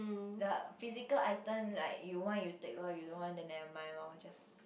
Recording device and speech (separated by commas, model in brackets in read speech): boundary microphone, conversation in the same room